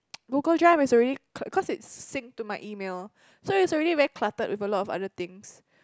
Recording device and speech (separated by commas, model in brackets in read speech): close-talking microphone, conversation in the same room